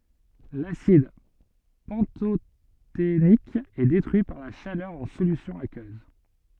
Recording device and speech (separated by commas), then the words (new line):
soft in-ear microphone, read sentence
L'acide pantothénique est détruit par la chaleur en solution aqueuse.